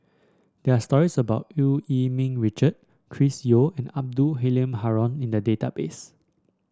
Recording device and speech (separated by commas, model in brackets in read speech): standing microphone (AKG C214), read sentence